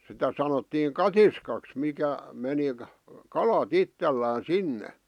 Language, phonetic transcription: Finnish, sitä 'sanottiiŋ "katiskaks 'mikä , 'meni , "kala't ‿ittellään̬ "sinne .
- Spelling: sitä sanottiin katiskaksi mikä meni kalat itsellään sinne

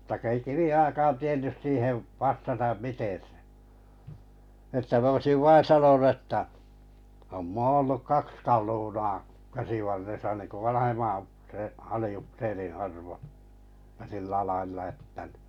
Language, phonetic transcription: Finnish, m̥tᵃ ko ei 'kivi₍oʲakaan 'tiennys 'siihev , 'vastatam 'miten̬ se (ᴏ) ni että 'm ‿oisiv 'vain̬ sanonu ᵉttä , » om 'moo olluk 'kaks kalunaa , 'käsivarresa « niŋku 'vanahemman upsee- 'ali₍upseriḭ 'arvo , (ja) 'sillä lailla että ni .
- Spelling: mutta kun ei Kiviojakaan tiennyt siihen vastata miten se on niin että minä olisin vain sanonut että on - ollut kaksi kaluunaa käsivarressa niin kuin vanhemman - aliupseerin arvo ja sillä lailla että niin

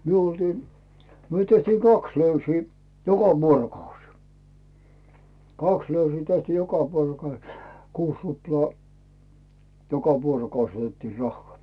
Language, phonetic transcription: Finnish, 'myö oltii , 'myö tehtii "kaks 'löysii , 'joka "vuoro'kaus , "kaks 'löysii tehtii "joka 'vuorokaus , 'kuus 'ruplaa , 'joka 'vuorokaus otettii 'rahhᵒà .
- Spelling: me oltiin me tehtiin kaksi löysiä joka vuorokausi kaksi löysiä tehtiin joka vuorokausi kuusi ruplaa joka vuorokausi otettiin rahaa

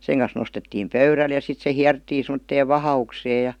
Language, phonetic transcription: Finnish, 'seŋ kan̬s nostettiim "pöyräl ja 'sit se "hiärttii sem°tteev "vaha₍uksee ja .
- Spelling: sen kanssa nostettiin pöydälle ja sitten se hierrettiin semmoiseen vahaukseen ja

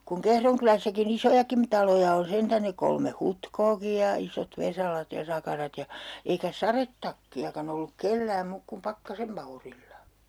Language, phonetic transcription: Finnish, kuŋ 'Kehron kylässäki'n ‿isojakim , 'taloja on 'sentän ne kolme "Hutkooki ja , 'isot 'Vesalat ja 'Sakarat ja , eikä "sarettakki₍akan ‿olluk 'kellääm 'muuk kum "Pakkasem Maurilla .
- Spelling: kun Kehron kylässäkin isojakin taloja on sentään ne kolme Hutkoakin ja isot Vesalat ja Sakarat ja eikä sadetakkiakaan ollut kenelläkään muuta kuin Pakkasen Maurilla

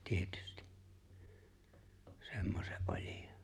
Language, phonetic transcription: Finnish, 'tietʏstɪ , 'semmosᴇ’ '’ᴏʟ́ɪᴶᴏ .
- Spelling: tietysti semmoisen olion

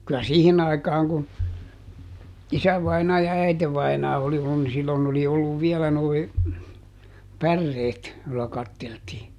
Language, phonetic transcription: Finnish, kylä "siihin aikaaŋ kun , ˈisävainaa ja ˈäitevainaa oli (ollun ni) ˈsillon ‿oli olluv ˈviɛlä noi , "pärreet , jolla ˈkatteltii .
- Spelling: kyllä siihen aikaan kun isävainaja ja äitivainaja oli ollut niin silloin oli ollut vielä nuo päreet jolla katseltiin

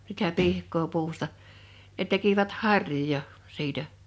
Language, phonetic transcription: Finnish, sitä 'pihk̀oo 'puusta ne 'tekivät "har̀joja , 'siitä .
- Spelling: sitä pihkaa puusta ne tekivät harjoja siitä

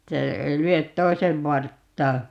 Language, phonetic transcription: Finnish, 'että , ei 'lyöt "toi̮sev 'varttaa .
- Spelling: että ei lyö toisen varttaa

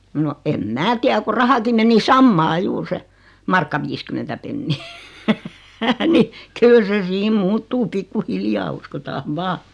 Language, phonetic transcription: Finnish, no , 'em "mää tiä ku 'rahaki meni "sammaa 'juur se , 'markka viiskymentä 'pennii , ni , 'kyl se 'siim "muuttuu 'pikku'hiljaa 'uskotaav "vaa .
- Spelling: no en minä tiedä kun rahakin meni samaa juuri se markka viisikymmentä penniä niin kyllä se siinä muuttuu pikkuhiljaa uskotaan vain

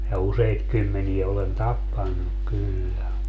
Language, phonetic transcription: Finnish, ja "useit 'kymmenie olen "tappannuk kyllä .
- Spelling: ja useita kymmeniä olen tappanut kyllä

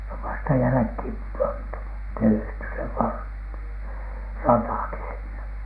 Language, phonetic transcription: Finnish, se ov vasta 'jälᵃ̈khìm pantu , tehty se var- , "ratàki sinne .
- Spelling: se on vasta jälkeen pantu tehty se - ratakin sinne

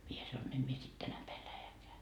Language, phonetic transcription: Finnish, mie sanoin » 'em mie sit 'tänä päil 'lähekeä .
- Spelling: minä sanoin en minä sitten tänä päivänä lähdekään

